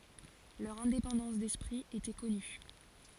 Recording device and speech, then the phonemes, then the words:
forehead accelerometer, read sentence
lœʁ ɛ̃depɑ̃dɑ̃s dɛspʁi etɛ kɔny
Leur indépendance d'esprit était connue.

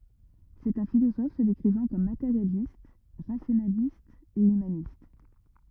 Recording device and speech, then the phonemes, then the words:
rigid in-ear microphone, read sentence
sɛt œ̃ filozɔf sə dekʁivɑ̃ kɔm mateʁjalist ʁasjonalist e ymanist
C'est un philosophe se décrivant comme matérialiste, rationaliste et humaniste.

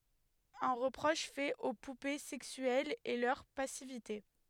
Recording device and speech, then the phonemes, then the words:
headset microphone, read sentence
œ̃ ʁəpʁɔʃ fɛt o pupe sɛksyɛlz ɛ lœʁ pasivite
Un reproche fait aux poupées sexuelles est leur passivité.

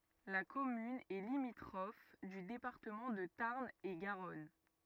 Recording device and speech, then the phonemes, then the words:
rigid in-ear microphone, read sentence
la kɔmyn ɛ limitʁɔf dy depaʁtəmɑ̃ də taʁn e ɡaʁɔn
La commune est limitrophe du département de Tarn-et-Garonne.

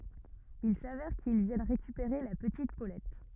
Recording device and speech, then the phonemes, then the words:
rigid in-ear microphone, read sentence
il savɛʁ kil vjɛn ʁekypeʁe la pətit polɛt
Il s'avère qu'ils viennent récupérer la petite Paulette.

